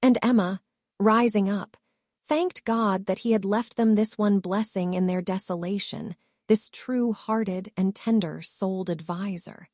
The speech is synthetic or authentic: synthetic